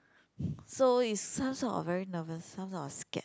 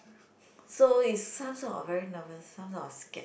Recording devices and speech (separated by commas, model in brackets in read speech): close-talking microphone, boundary microphone, conversation in the same room